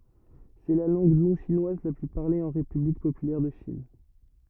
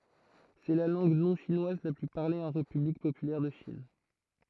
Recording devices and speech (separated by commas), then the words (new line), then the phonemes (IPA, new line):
rigid in-ear microphone, throat microphone, read sentence
C'est la langue non-chinoise la plus parlée en République populaire de Chine.
sɛ la lɑ̃ɡ nɔ̃ʃinwaz la ply paʁle ɑ̃ ʁepyblik popylɛʁ də ʃin